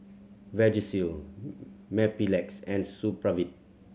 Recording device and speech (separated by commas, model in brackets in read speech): mobile phone (Samsung C7100), read sentence